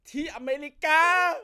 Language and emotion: Thai, happy